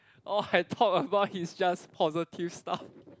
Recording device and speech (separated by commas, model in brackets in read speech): close-talking microphone, conversation in the same room